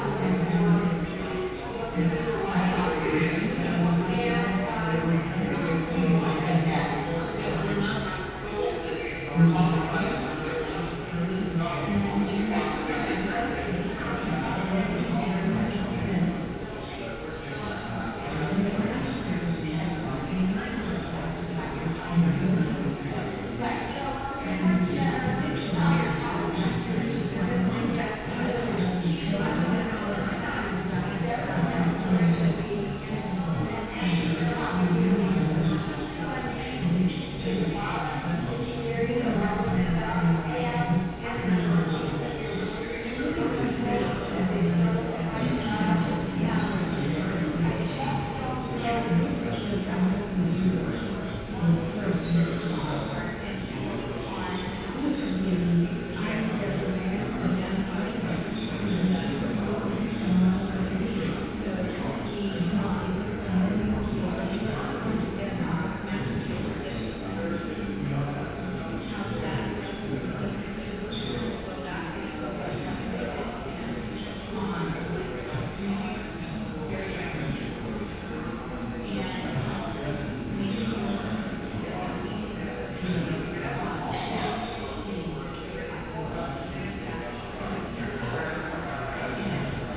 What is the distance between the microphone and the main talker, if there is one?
No main talker.